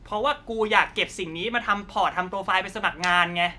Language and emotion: Thai, frustrated